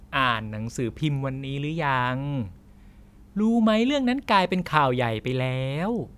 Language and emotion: Thai, neutral